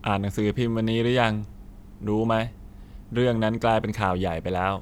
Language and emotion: Thai, neutral